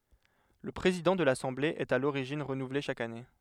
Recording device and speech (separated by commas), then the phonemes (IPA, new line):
headset microphone, read sentence
lə pʁezidɑ̃ də lasɑ̃ble ɛt a loʁiʒin ʁənuvle ʃak ane